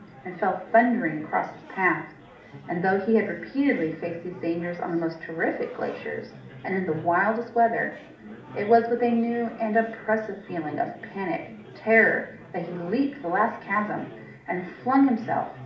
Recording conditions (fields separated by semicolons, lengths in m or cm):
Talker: one person; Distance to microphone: 2.0 m; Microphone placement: close; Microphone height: 99 cm; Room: medium-sized (5.7 m by 4.0 m); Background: babble